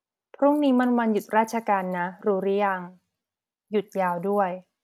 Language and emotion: Thai, neutral